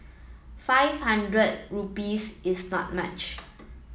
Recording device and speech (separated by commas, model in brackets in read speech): mobile phone (iPhone 7), read sentence